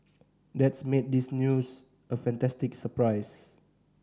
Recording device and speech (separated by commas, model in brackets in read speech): standing microphone (AKG C214), read sentence